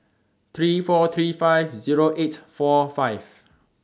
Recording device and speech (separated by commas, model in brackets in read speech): standing microphone (AKG C214), read sentence